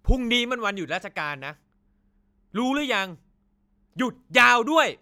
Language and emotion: Thai, angry